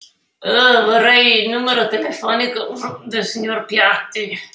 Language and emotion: Italian, disgusted